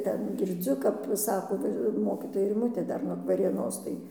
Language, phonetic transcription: Lithuanian, ˈten girˈdziu kap ˈsako ˈva ir ˈmokytoja riˈmutė ˈdar nuog varėˈnos tai

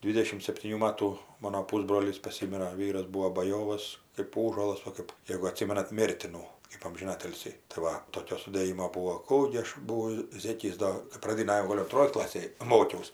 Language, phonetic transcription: Lithuanian, ˈdvydešim septyˈnių ˈmatų ˈmano ˈpūsbrolys paˈsimira ˈvyras ˈbūo baˈjovas kɜp ˈųžuolas ˈva kɜp ˈjėgu aˈtsimenat ˈmėrtinų kɜp amžiˈnatilsį tai ˈva toˈkio sudėˈjimo ˈbūo ˈkų gi ˈaš ˈbuvau ˈzėkis ˈdo kɜp praˈdinaj jau ˈgol' unˈtroj ˈklasėj ˈmokiaus

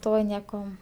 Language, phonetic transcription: Lithuanian, ˈto ˈnieko

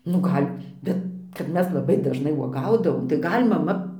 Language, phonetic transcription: Lithuanian, nu ˈgal' ˈbet kad ˈmes laˈbai dažˈnai uoˈgaudavom tai ˈgal' maˈma

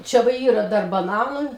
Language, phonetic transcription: Lithuanian, ˈčia va ˈyra ˈdar baˈnanu

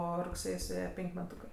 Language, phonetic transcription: Lithuanian, ˈo rugˈsėj suˈėje ˈpenk' meˈtūkɜ

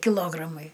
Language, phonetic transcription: Lithuanian, kiˈlogramai

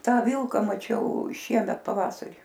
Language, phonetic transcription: Lithuanian, ˈtą ˈvilka maˈčiau ˈšiemet paˈvasarį

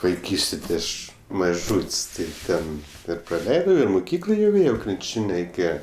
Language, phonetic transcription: Lithuanian, vaiˈkystė ti ˈaš maˈžūt's' tai ˈten ir praˈleidau ir muˈkyklo jau ˈėjau krinˈčin' reiˈkėje

